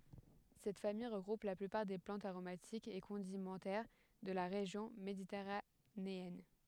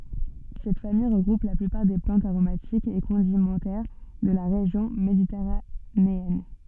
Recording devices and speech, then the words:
headset microphone, soft in-ear microphone, read sentence
Cette famille regroupe la plupart des plantes aromatiques et condimentaires de la région méditerranéenne.

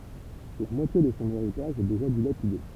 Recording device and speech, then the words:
temple vibration pickup, read sentence
La moitié de son héritage est déjà dilapidée.

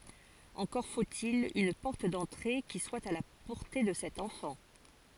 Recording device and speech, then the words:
forehead accelerometer, read sentence
Encore faut-il une porte d’entrée qui soit à la portée de cet enfant.

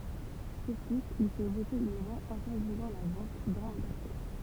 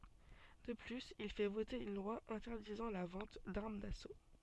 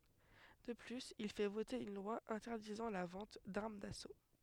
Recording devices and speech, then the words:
temple vibration pickup, soft in-ear microphone, headset microphone, read sentence
De plus, il fait voter une loi interdisant la vente d'armes d'assaut.

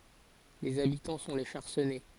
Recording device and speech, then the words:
forehead accelerometer, read sentence
Les habitants sont les Charcennais.

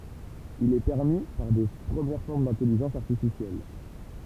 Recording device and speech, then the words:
temple vibration pickup, read sentence
Il est permis par de premières formes d'intelligence artificielle.

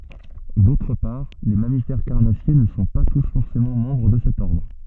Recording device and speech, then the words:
soft in-ear microphone, read sentence
D'autre part, les mammifères carnassiers ne sont pas tous forcément membres de cet ordre.

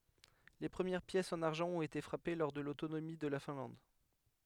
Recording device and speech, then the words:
headset microphone, read sentence
Les premières pièces en argent ont été frappées lors de l'autonomie de la Finlande.

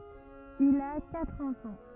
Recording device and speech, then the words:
rigid in-ear microphone, read sentence
Il a quatre enfants.

